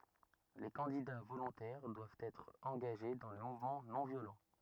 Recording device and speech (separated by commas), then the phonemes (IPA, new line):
rigid in-ear microphone, read sentence
le kɑ̃dida volɔ̃tɛʁ dwavt ɛtʁ ɑ̃ɡaʒe dɑ̃ lə muvmɑ̃ nɔ̃ vjolɑ̃